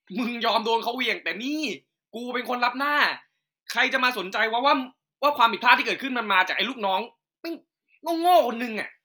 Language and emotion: Thai, angry